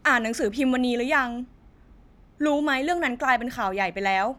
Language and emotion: Thai, frustrated